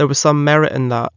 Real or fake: real